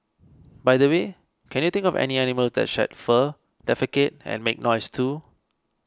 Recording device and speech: close-talking microphone (WH20), read sentence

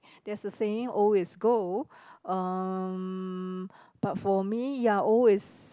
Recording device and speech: close-talking microphone, conversation in the same room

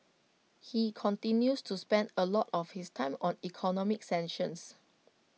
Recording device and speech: mobile phone (iPhone 6), read sentence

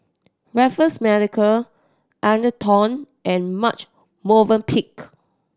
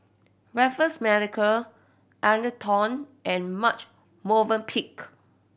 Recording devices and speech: standing microphone (AKG C214), boundary microphone (BM630), read sentence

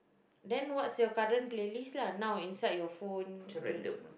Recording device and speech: boundary microphone, conversation in the same room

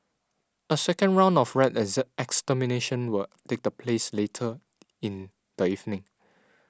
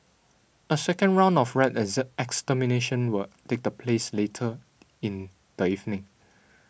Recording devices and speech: standing microphone (AKG C214), boundary microphone (BM630), read sentence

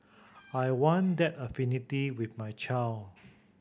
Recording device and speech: boundary microphone (BM630), read sentence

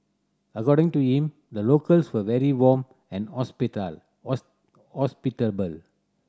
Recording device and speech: standing microphone (AKG C214), read sentence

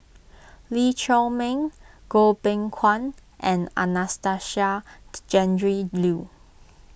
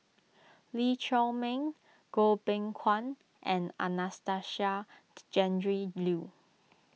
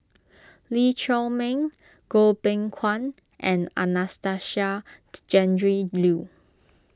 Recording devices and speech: boundary microphone (BM630), mobile phone (iPhone 6), close-talking microphone (WH20), read sentence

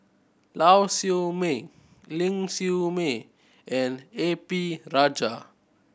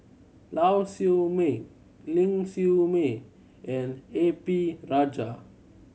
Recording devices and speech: boundary microphone (BM630), mobile phone (Samsung C7100), read sentence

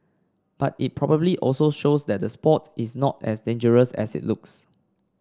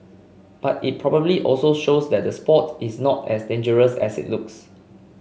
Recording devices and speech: standing microphone (AKG C214), mobile phone (Samsung C5), read sentence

